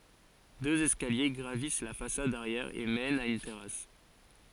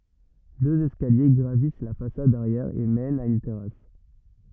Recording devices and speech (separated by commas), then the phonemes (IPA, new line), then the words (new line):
forehead accelerometer, rigid in-ear microphone, read sentence
døz ɛskalje ɡʁavis la fasad aʁjɛʁ e mɛnt a yn tɛʁas
Deux escaliers gravissent la façade arrière et mènent à une terrasse.